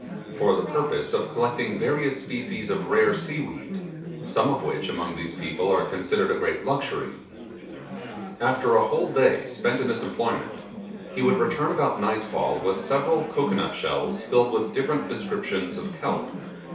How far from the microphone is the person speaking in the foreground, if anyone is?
3.0 m.